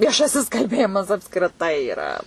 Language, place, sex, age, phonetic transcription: Lithuanian, Suvalkija, female, 18-60, vieˈšasis kalˈbėjimas apskriˈtai yˈra

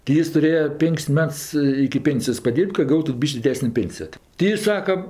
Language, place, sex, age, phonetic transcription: Lithuanian, Aukštaitija, female, 60+, ti ˈjis tuˈrėja ˈpink's' ˈmets iki ˈpėnsijos paˈdyrb't' ka ˈgautu ˈbyš'k' diˈdesnė ˈpėnsijo ti ti ˈjis ˈsaka

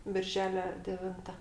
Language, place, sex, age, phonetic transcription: Lithuanian, Aukštaitija, female, 60+, ˈbirželia deˈvinta

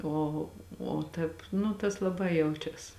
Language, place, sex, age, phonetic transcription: Lithuanian, Žemaitija, female, 18-60, ˈo o ˈtēp ˈnu tas laˈbai ˈjaučias

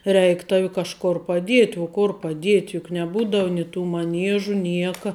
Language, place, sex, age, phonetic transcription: Lithuanian, Žemaitija, female, 18-60, reik ˈtavi kažˈkor paˈdiet' uo kur paˈdiet' juk neˈbūdav nei tų maˈniežu ˈnieka

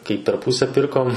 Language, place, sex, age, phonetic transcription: Lithuanian, Suvalkija, male, 18-60, kai per ˈpūse ˈpirkom

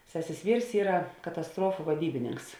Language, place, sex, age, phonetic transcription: Lithuanian, Žemaitija, female, 18-60, ˈsesės ˈvyrs ˈyra katasˈtruofu vaˈdybininks

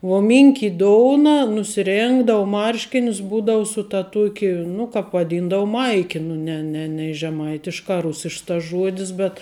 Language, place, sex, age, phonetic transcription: Lithuanian, Žemaitija, female, 18-60, vuo ˈminkit' ˈdouna nusiˈrėngdavu ˈmarškinius ˈbūdau su ta ˈtuoki nu ˈkap vaˈdyndavu ˈmaiki nu ˈne ne nei žeˈmaitiškā ˈrusišks tas ˈžuodis bet

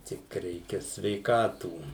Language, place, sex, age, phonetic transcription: Lithuanian, Suvalkija, male, 60+, ˈtik ˈreikia sveiˈkatų

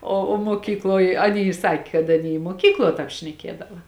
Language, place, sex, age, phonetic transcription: Lithuanian, Žemaitija, female, 18-60, o o muoˈkykloj aˈny ˈsakė kad aˈny i muoˈkykluo ˈtāp šneˈkiedava

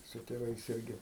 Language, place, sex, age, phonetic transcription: Lithuanian, Aukštaitija, male, 60+, su tėˈvais ˈirgi

